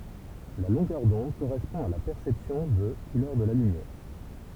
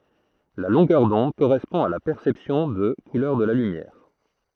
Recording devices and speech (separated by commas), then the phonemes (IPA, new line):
temple vibration pickup, throat microphone, read sentence
la lɔ̃ɡœʁ dɔ̃d koʁɛspɔ̃ a la pɛʁsɛpsjɔ̃ də kulœʁ də la lymjɛʁ